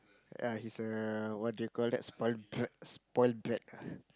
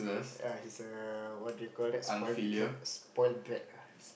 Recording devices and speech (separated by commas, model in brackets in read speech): close-talking microphone, boundary microphone, conversation in the same room